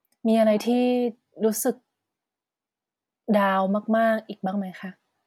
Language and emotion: Thai, frustrated